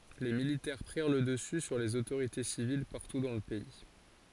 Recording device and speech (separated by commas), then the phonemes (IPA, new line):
forehead accelerometer, read sentence
le militɛʁ pʁiʁ lə dəsy syʁ lez otoʁite sivil paʁtu dɑ̃ lə pɛi